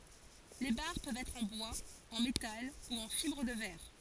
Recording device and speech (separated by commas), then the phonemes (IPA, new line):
forehead accelerometer, read sentence
le baʁ pøvt ɛtʁ ɑ̃ bwaz ɑ̃ metal u ɑ̃ fibʁ də vɛʁ